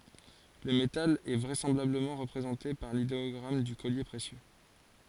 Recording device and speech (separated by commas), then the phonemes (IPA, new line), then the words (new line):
forehead accelerometer, read sentence
lə metal ɛ vʁɛsɑ̃blabləmɑ̃ ʁəpʁezɑ̃te paʁ lideɔɡʁam dy kɔlje pʁesjø
Le métal est vraisemblablement représenté par l'idéogramme du collier précieux.